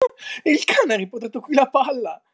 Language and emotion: Italian, happy